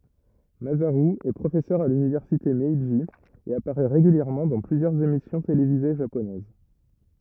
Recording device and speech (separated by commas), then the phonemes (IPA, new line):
rigid in-ear microphone, read sentence
mazaʁy ɛ pʁofɛsœʁ a lynivɛʁsite mɛʒi e apaʁɛ ʁeɡyljɛʁmɑ̃ dɑ̃ plyzjœʁz emisjɔ̃ televize ʒaponɛz